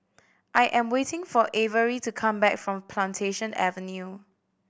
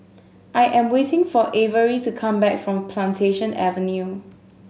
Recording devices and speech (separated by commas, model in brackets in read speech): boundary microphone (BM630), mobile phone (Samsung S8), read sentence